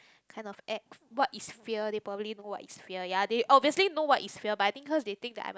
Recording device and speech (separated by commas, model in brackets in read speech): close-talking microphone, conversation in the same room